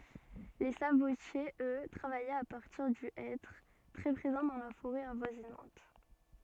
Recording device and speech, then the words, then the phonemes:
soft in-ear microphone, read sentence
Les sabotiers, eux, travaillaient à partir du hêtre, très présent dans la forêt avoisinante.
le sabotjez ø tʁavajɛt a paʁtiʁ dy ɛtʁ tʁɛ pʁezɑ̃ dɑ̃ la foʁɛ avwazinɑ̃t

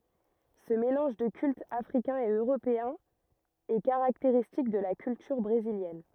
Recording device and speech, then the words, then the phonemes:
rigid in-ear microphone, read sentence
Ce mélange de cultes africains et européens est caractéristique de la culture brésilienne.
sə melɑ̃ʒ də kyltz afʁikɛ̃z e øʁopeɛ̃z ɛ kaʁakteʁistik də la kyltyʁ bʁeziljɛn

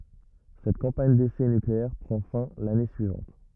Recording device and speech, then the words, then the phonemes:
rigid in-ear microphone, read sentence
Cette campagne d’essais nucléaires prend fin l’année suivante.
sɛt kɑ̃paɲ desɛ nykleɛʁ pʁɑ̃ fɛ̃ lane syivɑ̃t

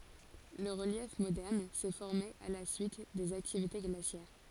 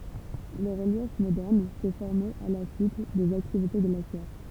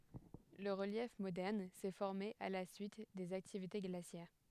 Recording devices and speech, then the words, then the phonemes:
forehead accelerometer, temple vibration pickup, headset microphone, read sentence
Le relief moderne s'est formé à la suite des activités glaciaires.
lə ʁəljɛf modɛʁn sɛ fɔʁme a la syit dez aktivite ɡlasjɛʁ

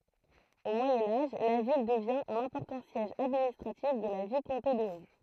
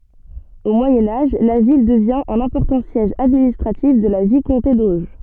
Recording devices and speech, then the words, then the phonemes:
throat microphone, soft in-ear microphone, read sentence
Au Moyen Âge, la ville devient un important siège administratif de la vicomté d’Auge.
o mwajɛ̃ aʒ la vil dəvjɛ̃ œ̃n ɛ̃pɔʁtɑ̃ sjɛʒ administʁatif də la vikɔ̃te doʒ

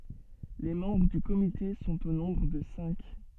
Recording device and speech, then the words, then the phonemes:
soft in-ear microphone, read sentence
Les membres du comité sont au nombre de cinq.
le mɑ̃bʁ dy komite sɔ̃t o nɔ̃bʁ də sɛ̃k

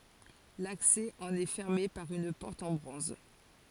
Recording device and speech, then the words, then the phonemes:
forehead accelerometer, read sentence
L'accès en est fermé par une porte en bronze.
laksɛ ɑ̃n ɛ fɛʁme paʁ yn pɔʁt ɑ̃ bʁɔ̃z

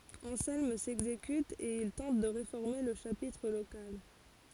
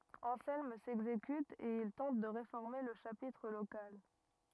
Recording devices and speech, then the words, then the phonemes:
forehead accelerometer, rigid in-ear microphone, read sentence
Anselme s'exécute et il tente de réformer le chapitre local.
ɑ̃sɛlm sɛɡzekyt e il tɑ̃t də ʁefɔʁme lə ʃapitʁ lokal

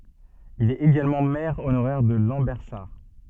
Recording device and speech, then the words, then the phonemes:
soft in-ear microphone, read sentence
Il est également maire honoraire de Lambersart.
il ɛt eɡalmɑ̃ mɛʁ onoʁɛʁ də lɑ̃bɛʁsaʁ

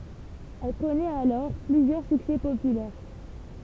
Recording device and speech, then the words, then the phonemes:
temple vibration pickup, read sentence
Elle connaît alors plusieurs succès populaires.
ɛl kɔnɛt alɔʁ plyzjœʁ syksɛ popylɛʁ

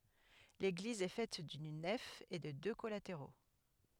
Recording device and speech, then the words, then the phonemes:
headset microphone, read sentence
L'église est faite d'une nef et de deux collatéraux.
leɡliz ɛ fɛt dyn nɛf e də dø kɔlateʁo

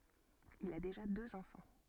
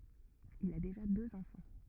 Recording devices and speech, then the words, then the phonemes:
soft in-ear microphone, rigid in-ear microphone, read sentence
Il a déjà deux enfants.
il a deʒa døz ɑ̃fɑ̃

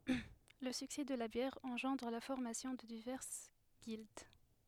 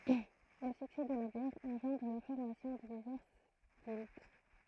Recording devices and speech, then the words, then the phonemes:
headset microphone, throat microphone, read sentence
Le succès de la bière engendre la formation de diverses guildes.
lə syksɛ də la bjɛʁ ɑ̃ʒɑ̃dʁ la fɔʁmasjɔ̃ də divɛʁs ɡild

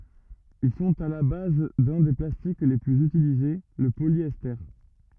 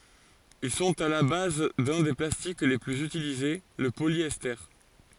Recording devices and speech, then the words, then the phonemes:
rigid in-ear microphone, forehead accelerometer, read sentence
Ils sont à la base d'un des plastiques les plus utilisés, le polyester.
il sɔ̃t a la baz dœ̃ de plastik le plyz ytilize lə poljɛste

